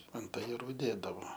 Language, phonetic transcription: Lithuanian, ant ajeˈrų ˈdėdavo

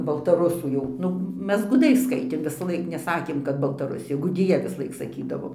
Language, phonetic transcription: Lithuanian, baltaˈrusų jau ˈnu ˈmes guˈdai ˈskaitėm visˈlaik neˈsakėm kad baltaˈrusija guˈdija visˈlaik saˈkydavo

